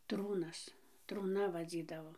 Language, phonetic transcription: Lithuanian, ˈtrūnas trūˈna vaˈdzydavo

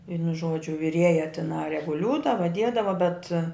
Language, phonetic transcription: Lithuanian, ˈvienu ˈžuodžiu viˈrieja tiˈnai reguˈliūdava ˈdiedava bet

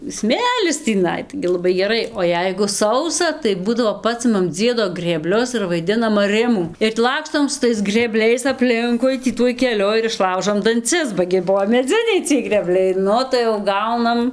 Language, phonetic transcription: Lithuanian, ˈsmėlis tįˈnai tai gi laˈbai geˈrai o ˈjeigu ˈsausa tai ˈbūdavo ˈpasimam ˈdziedo grėˈblius ir vaiˈdinam aˈrimų ir ti ˈlakstom su ˈtais grėˈbliais apˈlinkui ˈtį ˈtuoj keˈliu ir išˈlaužom danˈcis ba gi ˈbuo meˈdziniai ciej grėˈbliai ˈnu tai jau ˈgaunam

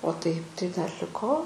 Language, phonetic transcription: Lithuanian, o taip tai dar liˈko

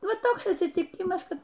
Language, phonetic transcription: Lithuanian, ˈva ˈtoks atsityˈkimas ˈkad

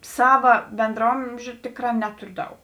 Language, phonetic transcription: Lithuanian, ˈsava bendraˈomžiu ˈtikˌrā ˈneturiu ˈdaug

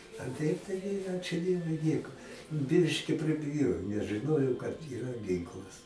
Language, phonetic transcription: Lithuanian, a ˈtaip taiˈgi ˈačiu ˈdievui ˈnieku ˈbiški pribiˈjojo nes žɨˈnojo kad yˈra ˈginklas

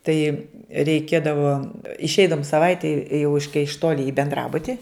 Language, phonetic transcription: Lithuanian, ˈtai reiˈkėdavo išˈeidavum saˈvaitei jau iš kai iš ˈtoli i benˈdrabuti

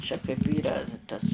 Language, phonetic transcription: Lithuanian, čia kaip ˈyra tas

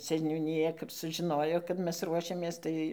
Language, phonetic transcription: Lithuanian, seniūniˈja kap sužiˈnojo kad ˈmes ˈruošiamės ˈtai

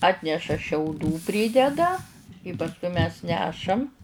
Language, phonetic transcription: Lithuanian, ˈatneša šiauˈdų ˈprydeda i pasˈkui mes ˈnešam

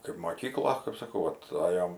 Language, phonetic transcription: Lithuanian, kaip moˈkyklo kaip saˈkau ˈvat ˈajom

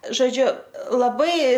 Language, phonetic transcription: Lithuanian, žoˈdžiu laˈbai

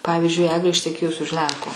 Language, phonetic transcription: Lithuanian, ˈpavyzdžiui ˈeglė išteˈkėjus už ˈlenko

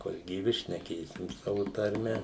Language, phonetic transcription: Lithuanian, kol gyˈvi šneˈkėsim ˈsavu tarˈme

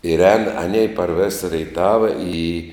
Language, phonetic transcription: Lithuanian, ir ēn aˈnei par vės reiˈtava į

